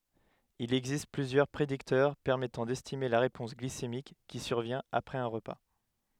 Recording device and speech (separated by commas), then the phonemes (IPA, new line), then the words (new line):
headset microphone, read sentence
il ɛɡzist plyzjœʁ pʁediktœʁ pɛʁmɛtɑ̃ dɛstime la ʁepɔ̃s ɡlisemik ki syʁvjɛ̃t apʁɛz œ̃ ʁəpa
Il existe plusieurs prédicteurs permettant d’estimer la réponse glycémique qui survient après un repas.